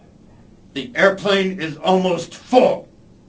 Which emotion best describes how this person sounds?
angry